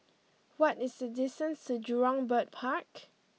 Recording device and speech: mobile phone (iPhone 6), read sentence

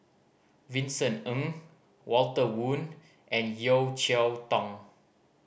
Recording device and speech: boundary microphone (BM630), read sentence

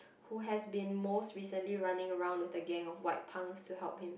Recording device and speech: boundary microphone, conversation in the same room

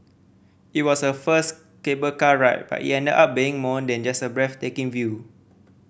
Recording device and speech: boundary microphone (BM630), read sentence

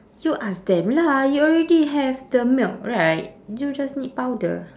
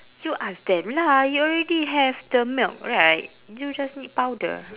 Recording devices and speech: standing microphone, telephone, conversation in separate rooms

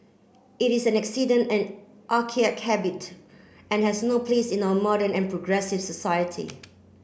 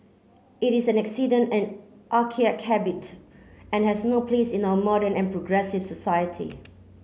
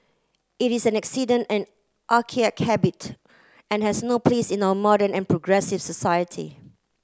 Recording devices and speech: boundary microphone (BM630), mobile phone (Samsung C9), close-talking microphone (WH30), read sentence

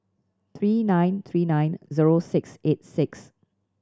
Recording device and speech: standing microphone (AKG C214), read sentence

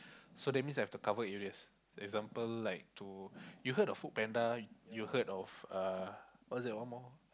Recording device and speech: close-talking microphone, conversation in the same room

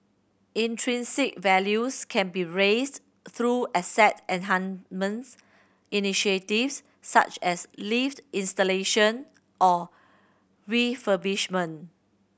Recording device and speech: boundary microphone (BM630), read sentence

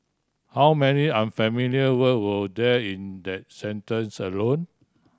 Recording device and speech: standing microphone (AKG C214), read sentence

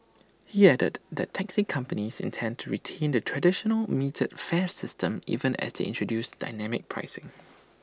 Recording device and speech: standing microphone (AKG C214), read sentence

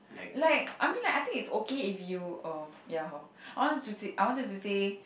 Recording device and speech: boundary microphone, conversation in the same room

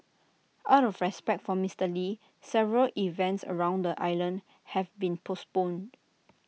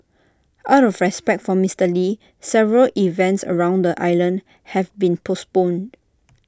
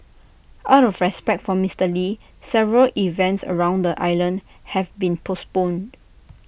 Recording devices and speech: mobile phone (iPhone 6), standing microphone (AKG C214), boundary microphone (BM630), read sentence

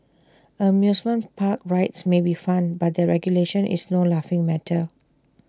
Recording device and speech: standing microphone (AKG C214), read sentence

